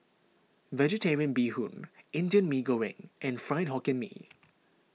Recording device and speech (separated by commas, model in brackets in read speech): mobile phone (iPhone 6), read sentence